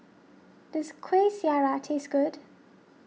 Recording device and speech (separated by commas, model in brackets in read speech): mobile phone (iPhone 6), read sentence